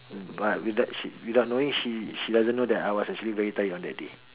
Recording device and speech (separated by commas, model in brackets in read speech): telephone, conversation in separate rooms